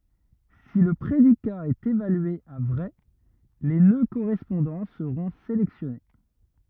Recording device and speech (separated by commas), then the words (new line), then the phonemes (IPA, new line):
rigid in-ear microphone, read sentence
Si le prédicat est évalué à vrai, les nœuds correspondants seront sélectionnés.
si lə pʁedika ɛt evalye a vʁɛ le nø koʁɛspɔ̃dɑ̃ səʁɔ̃ selɛksjɔne